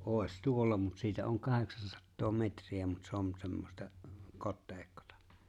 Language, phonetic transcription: Finnish, '’òes "tuolla mut 'siitä oŋ "kaheksansattoo 'metri₍ä mut 'se on 'semmosta , 'kotteeⁱikkotᴀ .
- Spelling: olisi tuolla mutta siitä on kahdeksansataa metriä mutta se on semmoista kosteikkoa

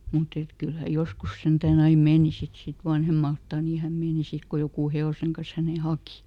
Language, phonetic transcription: Finnish, ˈmuˈt ‿et , ˈkyl hä "joskus ˈsentääˈn ‿ai "meeni ˈsit ˈsit "vanhemaltà nii häm ˈmeeni ˈsit ko "jokù ˈhe₍òseŋ kan̬s hänè "haki .
- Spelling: mutta että kyllä hän joskus sentään aina meni sitten sitten vanhemmalta niin hän meni sitten kun joku hevosen kanssa hänen haki

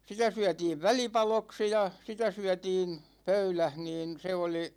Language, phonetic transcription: Finnish, 'sitä syätiiv "välipaloksi ja , 'sitä syätiin , "pöyläh niin 'se oli ,.
- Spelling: sitä syötiin välipaloiksi ja sitä syötiin pöydässä niin se oli

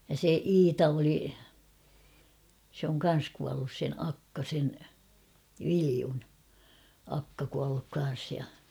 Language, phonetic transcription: Finnish, (ja) se "Iita oli , sᵉ ‿oŋ 'kan̬s kuallus sen 'akka sen , "Viliun , 'akka kualluk 'kan̬s ja .
- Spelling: ja se Iita oli se on kanssa kuollut sen akka sen Viljon akka kuollut kanssa ja

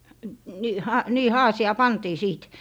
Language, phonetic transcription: Finnish, ni - 'ha - ni 'haasi₍aa "pantii 'siit .
- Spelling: - - niin haasiaan pantiin siitä

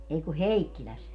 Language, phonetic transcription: Finnish, 'ei ku "Heikkiläs .
- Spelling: ei kun Heikkilässä

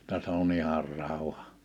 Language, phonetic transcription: Finnish, [jot]ta se ‿o"n ‿ihar 'ràuha .
- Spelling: jotta se on ihan rauha

